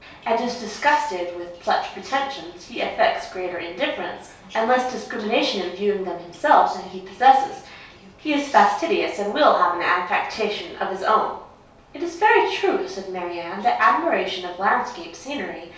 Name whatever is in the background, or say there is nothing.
A television.